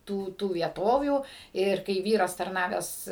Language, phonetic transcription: Lithuanian, ˈtų ˈtų vieˈtovių ˈir kai ˈvyras tarˈnavęs

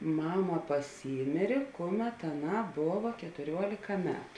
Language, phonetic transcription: Lithuanian, ˈmama paˈsymėrė ˈkuˌmet aˈnā ˈbova ketuˈriuolėka ˈmetu

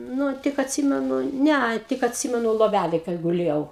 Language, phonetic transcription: Lithuanian, ˈnu tik atˈsymenu ˈnea tik atˈsymenu loˈvælėj kai guˈlėjau

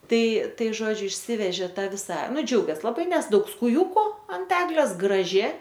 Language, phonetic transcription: Lithuanian, ˈtai ˈtai ˈžodžiu išˈsivežė ˈtą ˈvisa ˈnu džiaugės laˈbai ˈnes ˈdaug skuˈjūku ant ˈeglės graˈži

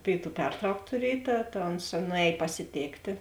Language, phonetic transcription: Lithuanian, ˈpėiˌtų ˈpertrauk tuˈriej ˈta ta ons nuˈēj pasiˈtėktė

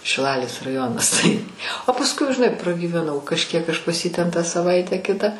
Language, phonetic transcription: Lithuanian, šiˈlalės raˈjonas tai o pasˈkui žiˈnai pragyveˈnau kažˈkiek ˈaš pas ˈjį ˈten tą saˈvaitę ˈkitą

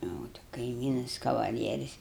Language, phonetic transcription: Lithuanian, ˈjau ti kaiˈmynas kavaˈlieris

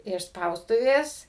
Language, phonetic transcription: Lithuanian, iš ˈspaustuvės

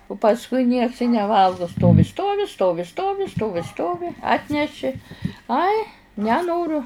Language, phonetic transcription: Lithuanian, u pasˈkui nieks i neˈvalgu ˈstovi ˈstovi ˈstovi ˈstovi ˈstovi ˈstovi ˈatneši ˈai neˈnoru

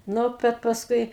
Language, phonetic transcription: Lithuanian, ˈnu ˈbet pasˈkui

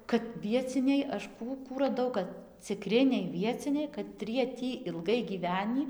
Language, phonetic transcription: Lithuanian, kad vieˈciniai ˈaš ˈkų ˈkų raˈdau kad ciˈkriniai ˈvieciniai kaˈtrie ˈtį ilˈgai gyˈvenį

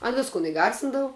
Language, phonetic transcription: Lithuanian, an ˈviskun iˈgarsindavu

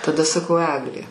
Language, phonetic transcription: Lithuanian, taˈda saˈkau ˈeglė

